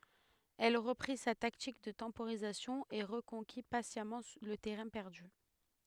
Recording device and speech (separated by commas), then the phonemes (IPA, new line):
headset microphone, read sentence
ɛl ʁəpʁi sa taktik də tɑ̃poʁizasjɔ̃ e ʁəkɔ̃ki pasjamɑ̃ lə tɛʁɛ̃ pɛʁdy